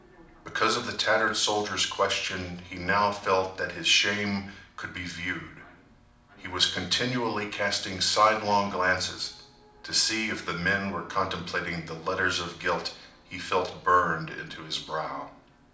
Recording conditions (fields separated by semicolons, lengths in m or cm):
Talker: one person; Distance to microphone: 2.0 m; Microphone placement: close; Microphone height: 99 cm; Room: medium-sized (5.7 m by 4.0 m); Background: television